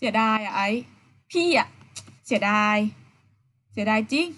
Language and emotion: Thai, frustrated